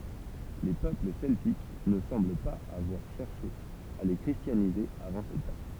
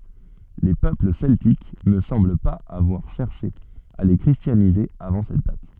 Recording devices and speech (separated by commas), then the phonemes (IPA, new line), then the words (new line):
temple vibration pickup, soft in-ear microphone, read sentence
le pøpl sɛltik nə sɑ̃bl paz avwaʁ ʃɛʁʃe a le kʁistjanize avɑ̃ sɛt dat
Les peuples celtiques ne semblent pas avoir cherché à les christianiser avant cette date.